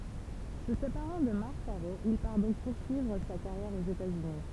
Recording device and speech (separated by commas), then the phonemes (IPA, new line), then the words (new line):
temple vibration pickup, read sentence
sə sepaʁɑ̃ də maʁk kaʁo il paʁ dɔ̃k puʁsyivʁ sa kaʁjɛʁ oz etatsyni
Se séparant de Marc Caro, il part donc poursuivre sa carrière aux États-Unis.